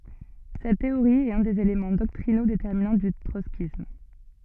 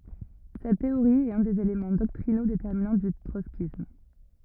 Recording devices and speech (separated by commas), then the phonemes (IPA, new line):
soft in-ear microphone, rigid in-ear microphone, read sentence
sɛt teoʁi ɛt œ̃ dez elemɑ̃ dɔktʁino detɛʁminɑ̃ dy tʁɔtskism